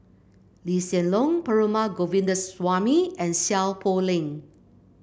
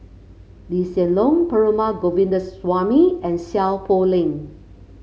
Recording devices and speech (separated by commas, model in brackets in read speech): boundary microphone (BM630), mobile phone (Samsung C5), read sentence